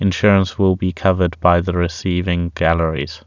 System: none